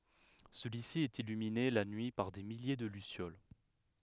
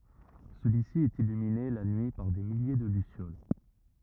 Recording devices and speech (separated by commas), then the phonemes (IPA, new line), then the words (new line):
headset microphone, rigid in-ear microphone, read sentence
səlyi si ɛt ilymine la nyi paʁ de milje də lysjol
Celui-ci est illuminé la nuit par des milliers de lucioles.